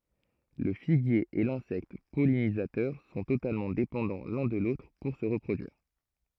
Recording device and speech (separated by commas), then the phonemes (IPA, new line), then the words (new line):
throat microphone, read sentence
lə fiɡje e lɛ̃sɛkt pɔlinizatœʁ sɔ̃ totalmɑ̃ depɑ̃dɑ̃ lœ̃ də lotʁ puʁ sə ʁəpʁodyiʁ
Le figuier et l'insecte pollinisateur sont totalement dépendants l'un de l'autre pour se reproduire.